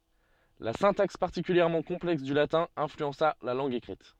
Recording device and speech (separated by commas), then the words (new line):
soft in-ear microphone, read sentence
La syntaxe particulièrement complexe du latin influença la langue écrite.